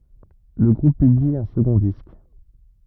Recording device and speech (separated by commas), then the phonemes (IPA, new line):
rigid in-ear microphone, read sentence
lə ɡʁup pybli œ̃ səɡɔ̃ disk